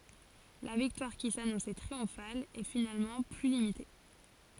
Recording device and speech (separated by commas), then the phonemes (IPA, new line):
forehead accelerometer, read sentence
la viktwaʁ ki sanɔ̃sɛ tʁiɔ̃fal ɛ finalmɑ̃ ply limite